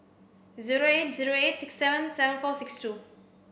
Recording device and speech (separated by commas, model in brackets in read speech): boundary microphone (BM630), read sentence